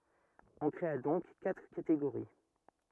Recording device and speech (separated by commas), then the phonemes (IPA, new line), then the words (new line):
rigid in-ear microphone, read sentence
ɔ̃ kʁea dɔ̃k katʁ kateɡoʁi
On créa donc quatre catégories.